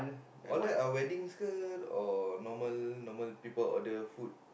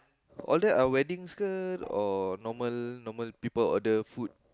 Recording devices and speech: boundary microphone, close-talking microphone, conversation in the same room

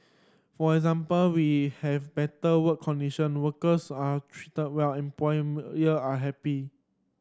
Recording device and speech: standing microphone (AKG C214), read sentence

